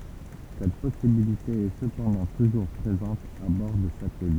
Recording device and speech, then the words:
temple vibration pickup, read sentence
Cette possibilité est cependant toujours présente à bord des satellites.

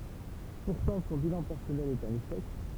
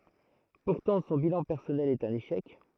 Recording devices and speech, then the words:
temple vibration pickup, throat microphone, read sentence
Pourtant, son bilan personnel est un échec.

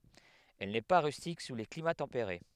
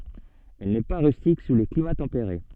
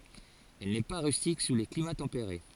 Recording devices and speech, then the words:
headset microphone, soft in-ear microphone, forehead accelerometer, read sentence
Elle n'est pas rustique sous les climats tempérés.

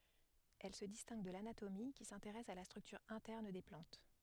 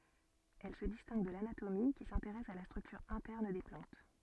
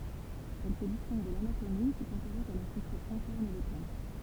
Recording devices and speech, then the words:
headset microphone, soft in-ear microphone, temple vibration pickup, read sentence
Elle se distingue de l'anatomie, qui s'intéresse à la structure interne des plantes.

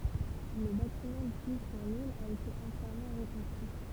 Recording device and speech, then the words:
temple vibration pickup, read sentence
Le bâtiment du fournil a été entièrement reconstruit.

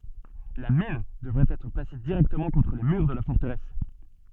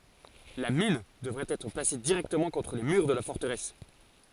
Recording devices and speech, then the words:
soft in-ear microphone, forehead accelerometer, read sentence
La mine devait être placé directement contre les murs de la forteresse.

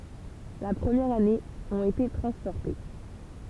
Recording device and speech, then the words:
temple vibration pickup, read sentence
La première année, ont été transportés.

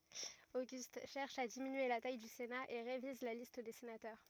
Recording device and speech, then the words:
rigid in-ear microphone, read sentence
Auguste cherche à diminuer la taille du Sénat et révise la liste des sénateurs.

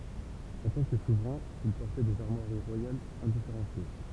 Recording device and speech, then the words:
temple vibration pickup, read sentence
En tant que souverain, il portait des armoiries royales indifférenciées.

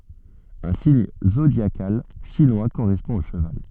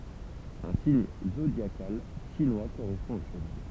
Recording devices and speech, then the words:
soft in-ear microphone, temple vibration pickup, read sentence
Un signe zodiacal chinois correspond au cheval.

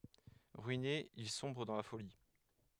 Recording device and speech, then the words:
headset microphone, read sentence
Ruiné, il sombre dans la folie.

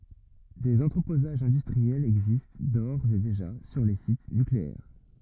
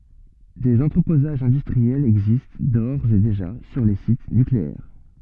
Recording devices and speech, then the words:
rigid in-ear microphone, soft in-ear microphone, read sentence
Des entreposages industriels existent d’ores et déjà sur les sites nucléaires.

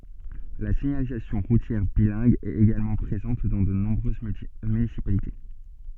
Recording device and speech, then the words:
soft in-ear microphone, read sentence
La signalisation routière bilingue est également présente dans de nombreuses municipalités.

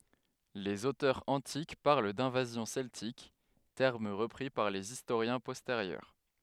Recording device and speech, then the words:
headset microphone, read sentence
Les auteurs antiques parlent d'invasions celtiques, terme repris par les historiens postérieurs.

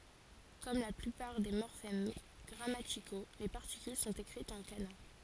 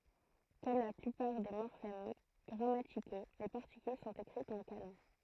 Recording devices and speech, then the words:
forehead accelerometer, throat microphone, read sentence
Comme la plupart des morphèmes grammaticaux, les particules sont écrites en kana.

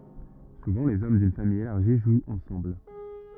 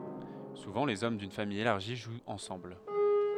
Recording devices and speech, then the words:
rigid in-ear microphone, headset microphone, read sentence
Souvent les hommes d'une famille élargie jouent ensemble.

